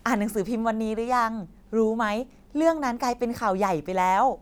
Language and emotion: Thai, happy